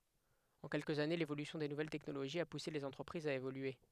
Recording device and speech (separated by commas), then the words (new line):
headset microphone, read sentence
En quelques années, l'évolution des nouvelles technologies a poussé les entreprises à évoluer.